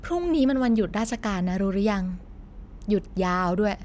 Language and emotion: Thai, neutral